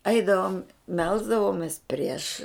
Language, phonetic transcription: Lithuanian, ˈaidavom ˈmelsdavomės prieš

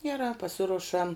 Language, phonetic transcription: Lithuanian, geˈrā paˈsirušam

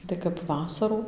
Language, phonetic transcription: Lithuanian, tai kap ˈvasarų

